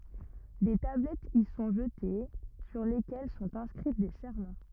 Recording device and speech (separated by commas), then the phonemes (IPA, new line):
rigid in-ear microphone, read sentence
de tablɛtz i sɔ̃ ʒəte syʁ lekɛl sɔ̃t ɛ̃skʁi de sɛʁmɑ̃